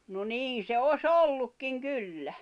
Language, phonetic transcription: Finnish, no "niin̬ se o"s ‿ollukkiŋ "kyllä .
- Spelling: no niin se olisi ollutkin kyllä

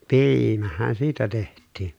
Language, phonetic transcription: Finnish, piiimähän siitä teht̆tiin .
- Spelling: piimähän siitä tehtiin

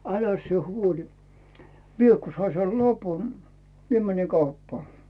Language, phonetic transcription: Finnish, 'äläs sⁱe 'huoĺi , "mie ku 'sai sel "lapu , mie mäni 'kauppaa .
- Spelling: äläs sinä huoli minä kun sain sen lapun minä menin kauppaan

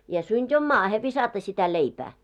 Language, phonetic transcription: Finnish, ja 'synt́ ‿om "maahe 'visata sitä 'leipää .
- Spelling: ja synti on maahan viskata sitä leipää

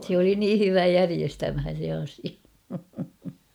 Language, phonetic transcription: Finnish, sᵉ ‿oli 'nii "hyvä "järiestämhän̬ (sen̬ ‿asia) .
- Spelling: se oli niin hyvä järjestämään sen asian

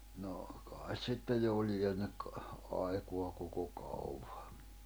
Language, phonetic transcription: Finnish, no , 'kàis sittej 'jò lienek , 'aikoa koko kauᴡᴀ .
- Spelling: no kai sitten jo lienee aikaa koko kaukaa

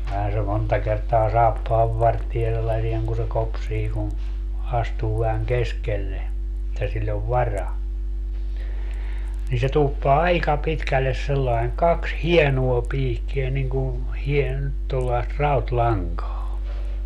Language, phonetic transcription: Finnish, [kyl]lähän se 'monta kertaa "saappaavvartie sellasieŋ kun̬ se 'kopsii kun̬ , 'astuu vähäŋ "keskelle , [et]tä 'siĺĺ ‿ov "vara , nii se 'tuuppaa "aika 'pitkälles sellaeŋ "kaks "hienuo 'piikkie niŋ ku , hien- , tollaest 'raut"laŋkaa .
- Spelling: kyllähän se monta kertaa saappaanvarteen sellaisen kun se kopsii kun astuu vähän keskelle että sillä on vara niin se tuuppaa aika pitkälle sillä lailla kaksi hienoa piikkiä niin kuin - tuollaista rautalankaa

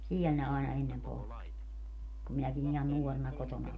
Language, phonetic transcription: Finnish, "siɛl ne àena 'ennem 'poltti , kum 'minäkin ‿ihan "nuorena 'kotona oĺi .
- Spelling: siellä ne aina ennen poltti kun minäkin ihan nuorena kotona olin

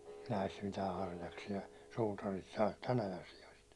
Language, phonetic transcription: Finnish, näist 'mitää 'harjaksi₍a , 'suutarit saat 'tän ‿ajan sijost .
- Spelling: näistä mitään harjaksia suutarit saa tämän ajan sioista

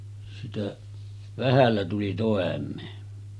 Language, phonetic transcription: Finnish, sitä , 'vähällä tuli tòem̆mee .
- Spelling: sitä vähällä tuli toimeen

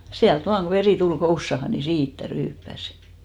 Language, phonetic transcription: Finnish, 'siält 'vaaŋ ɢo 'verì "tul 'koussaha , ni "siittä 'ryyppäs .
- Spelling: sieltä vain kun veri tuli kousaan niin siitä ryyppäsi

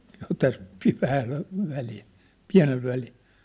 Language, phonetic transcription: Finnish, sĕ ‿ŏn täst , siit 'vähäsev̳ , 'piä̭n̳ väli .
- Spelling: se on tästä sitten vähäisen pieni väli

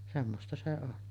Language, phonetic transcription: Finnish, 'semmosta se on .
- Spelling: semmoista se on

